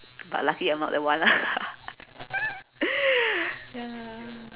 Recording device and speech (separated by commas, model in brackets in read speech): telephone, conversation in separate rooms